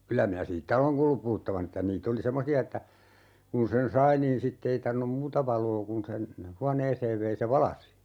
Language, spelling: Finnish, kyllä minä siitä olen kuullut puhuttavan että niitä oli semmoisia että kun sen sai niin sitten ei tarvinnut muuta valoa kuin sen huoneeseen vei se valaisi
- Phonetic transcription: 'kylä minä "siittä oleŋ kuullup 'puhuttavan ‿ᵉttä 'niit ‿oli "semmosi₍a että , 'kun sen "sai niin 'sitte ei 'tarvin̆num "muuta 'valoo kun sen , "huaneeseev vei se "valasi .

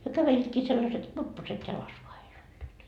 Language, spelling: Finnish, he kävelivätkin sellaiset kurpposet jalassa vain heillä olivat
- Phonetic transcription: hyö 'käveliitkii sellaset "kurpposet 'jalas vaa hei'l ‿oĺĺiit .

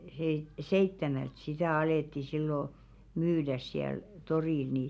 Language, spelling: Finnish, - seitsemältä sitä alettiin silloin myydä siellä torilla niin
- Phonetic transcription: h̬e- 'seittemält sitä̀ 'alètti sillo , "myydäs siäl , 'torìl ni .

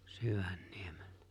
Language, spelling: Finnish, Syvänniemellä
- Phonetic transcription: 'Syvᴀ̈ɴɴɪᴇᴍᴇʟʟᴀ̈ .

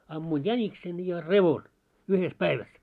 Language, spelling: Finnish, ammuin jäniksen ja revon yhdessä päivässä
- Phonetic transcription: ammuin 'jäniksen ja "revon , 'uhes "päiväs .

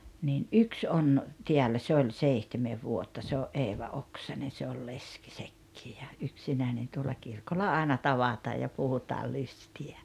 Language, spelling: Finnish, niin yksi on täällä se oli seitsemän vuotta se oli Eeva Oksanen se oli leski sekin ja yksinäinen tuolla kirkolla aina tavataan ja puhutaan lystiä
- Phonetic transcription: niin "’yks "on , 'tiällä 'se oĺ "seihtemev "vuotta se o’ "’Eeva "Oksane se ol "leski 'sekkii ja , 'yksinä̀enen tuolla 'kirkolla 'àena "tavataaj ja 'puhutaa 'lysti₍ä .

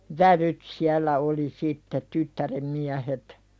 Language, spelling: Finnish, vävyt siellä oli sitten tyttären miehet
- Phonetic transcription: vävyt siällä oli sitte 'tyttärem 'miähet .

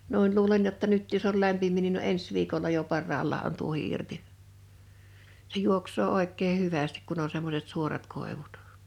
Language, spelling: Finnish, noin luulen jotta nyt jos oli lämpimiä niin ne on ensi viikolla jo parhaallaan on tuohi irti se juoksee oikein hyvästi kun on semmoiset suorat koivut
- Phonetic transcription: 'nu̬in 'luulen jotta 'nyt jos̆s ‿ol 'lämpim̀ii nin ne ‿o "ens "viikolla jo 'parraallaa on 'tuohi 'irti , se 'juoks̀oo 'òek̆kee "hyvästiᵏ kun ‿o 'semmoset 'suorat 'kòevut .

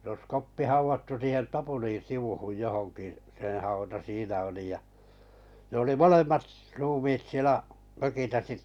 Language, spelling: Finnish, se olisi Koppi haudattu siihen tapulin sivuun johonkin sen hauta siinä oli ja ne oli molemmat - ruumiit siellä mökissä sitten
- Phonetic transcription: s ‿os 'Koppi 'hauvattu siihen 'tapuliḭ 'sivuhuj 'johoŋkì , seḛ hauta 'siinä oli ja , ne oli "molemmat s- , 'ruumiit 'sielä , ’mökisä sitt(ᴇ) .

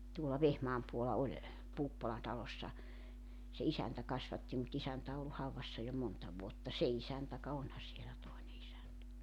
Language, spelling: Finnish, tuolla Vehmaan puolella oli Puuppolan talossa se isäntä kasvatti mutta isäntä on ollut haudassa jo monta vuotta se isäntä ka onhan siellä toinen isäntä
- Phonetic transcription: tuola 'Vehmaam puola 'oĺ , 'Puuppola talossa , se 'isäntä 'kasvatti mu't ‿isäntä o ollu 'hauvassa jo 'monta 'vuotta "se 'isäntä ka 'onha sielä 'tòene isäntä .

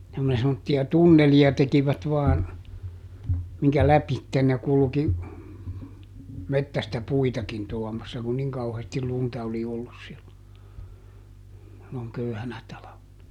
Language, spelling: Finnish, ja kun ne semmoisia tunneleita tekivät vain minkä lävitse ne kulki metsästä puitakin tuomassa kun niin kauheasti lunta oli ollut silloin silloin köyhänä talvena
- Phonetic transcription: ja ku ne semmotti₍a "tunneli₍a ˈtekivät vaan , miŋkä "läpitten ne ˈkulki , ˈmettästä "puitakin tuɔmassa kun "niŋ ˈkauheestil ˈlunta oli ˈollus sillo , silloŋ "köyhänä ˈtalavena .

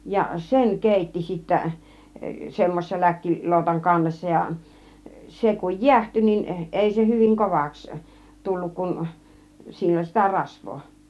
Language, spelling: Finnish, ja sen keitti sitten semmoisen - läkkiloutan kannessa ja se kun jäähtyi niin ei se hyvin kovaksi tullut kun sillä oli sitä rasvaa
- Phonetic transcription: ja "sen 'kèitti sittä , 'semmosel 'läkki- , 'lòutaŋ 'kannessa ja , 'se kuj "jiähty nin , 'èi se 'hyviŋ "kovaks , 'tulluk kun , 'sill ‿oĺ 'sitä "rasvvoo .

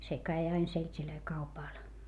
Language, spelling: Finnish, se kävi aina seltejä kaupalla
- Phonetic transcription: se käi ain selt́ilöi kaupàl .

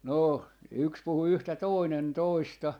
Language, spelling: Finnish, no yksi puhui yhtä toinen toista
- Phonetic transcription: 'no , 'yks 'puhu "yhtä 'tòi̮nen "toista , .

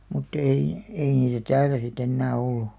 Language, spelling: Finnish, mutta ei ei niitä täällä sitten enää ollut
- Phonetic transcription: mut't ‿ei , ei niitä "täälä si't ‿ennää ollu .

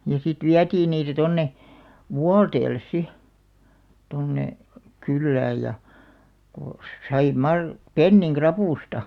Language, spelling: Finnish, ja sitten vietiin niitä tuonne Vuolteelle sitten tuonne kylään ja kun sai - pennin ravusta
- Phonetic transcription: ja sit "viätiin niitä 'tonne , "Vualteelles 'si , 'tonne , 'kyllääj ja , ko 'sai 'mar- , "penniŋ "krapùsta .

